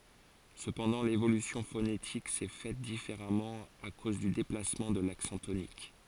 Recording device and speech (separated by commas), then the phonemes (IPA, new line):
forehead accelerometer, read sentence
səpɑ̃dɑ̃ levolysjɔ̃ fonetik sɛ fɛt difeʁamɑ̃ a koz dy deplasmɑ̃ də laksɑ̃ tonik